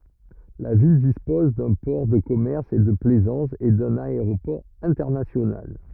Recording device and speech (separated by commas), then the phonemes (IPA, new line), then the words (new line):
rigid in-ear microphone, read sentence
la vil dispɔz dœ̃ pɔʁ də kɔmɛʁs e də plɛzɑ̃s e dœ̃n aeʁopɔʁ ɛ̃tɛʁnasjonal
La ville dispose d'un port de commerce et de plaisance, et d'un aéroport international.